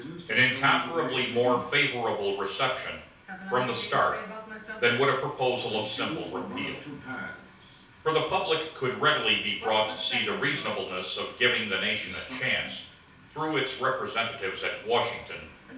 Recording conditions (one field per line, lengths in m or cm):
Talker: one person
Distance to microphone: 3.0 m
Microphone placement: far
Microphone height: 1.8 m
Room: small (3.7 m by 2.7 m)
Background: television